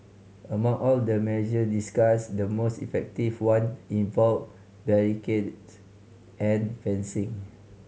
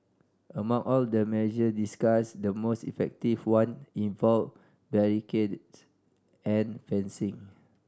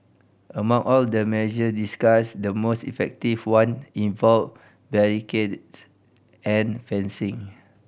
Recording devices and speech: mobile phone (Samsung C5010), standing microphone (AKG C214), boundary microphone (BM630), read sentence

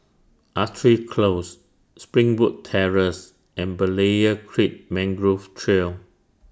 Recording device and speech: standing microphone (AKG C214), read sentence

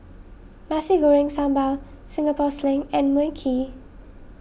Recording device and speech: boundary microphone (BM630), read sentence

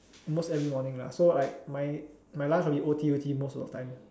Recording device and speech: standing microphone, conversation in separate rooms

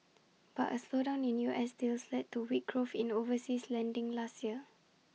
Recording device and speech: mobile phone (iPhone 6), read sentence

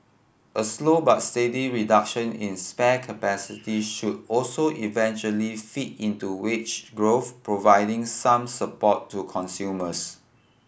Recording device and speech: boundary microphone (BM630), read sentence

